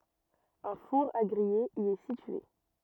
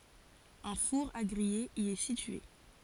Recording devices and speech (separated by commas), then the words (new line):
rigid in-ear microphone, forehead accelerometer, read sentence
Un four à griller y est situé.